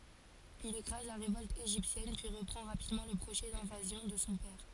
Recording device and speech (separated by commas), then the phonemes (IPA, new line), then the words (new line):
forehead accelerometer, read sentence
il ekʁaz la ʁevɔlt eʒiptjɛn pyi ʁəpʁɑ̃ ʁapidmɑ̃ lə pʁoʒɛ dɛ̃vazjɔ̃ də sɔ̃ pɛʁ
Il écrase la révolte égyptienne, puis reprend rapidement le projet d'invasion de son père.